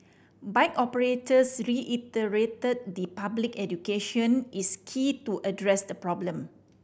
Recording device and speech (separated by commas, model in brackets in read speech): boundary microphone (BM630), read sentence